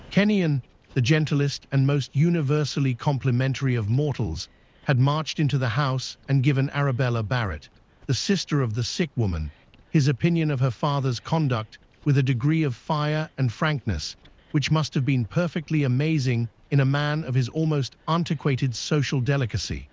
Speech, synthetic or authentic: synthetic